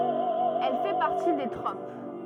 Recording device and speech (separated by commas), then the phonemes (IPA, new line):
rigid in-ear microphone, read sentence
ɛl fɛ paʁti de tʁop